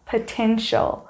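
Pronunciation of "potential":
'Potential' is pronounced correctly here.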